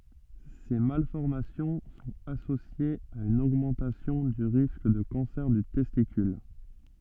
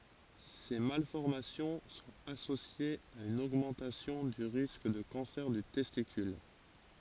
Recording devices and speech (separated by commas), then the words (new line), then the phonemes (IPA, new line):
soft in-ear microphone, forehead accelerometer, read sentence
Ces malformations sont associées à une augmentation du risque de cancer du testicule.
se malfɔʁmasjɔ̃ sɔ̃t asosjez a yn oɡmɑ̃tasjɔ̃ dy ʁisk də kɑ̃sɛʁ dy tɛstikyl